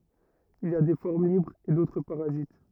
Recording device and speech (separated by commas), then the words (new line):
rigid in-ear microphone, read sentence
Il y a des formes libres et d'autres parasites.